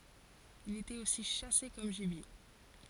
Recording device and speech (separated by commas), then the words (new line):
forehead accelerometer, read sentence
Il était aussi chassé comme gibier.